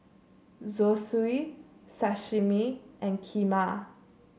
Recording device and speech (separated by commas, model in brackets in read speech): mobile phone (Samsung C7), read sentence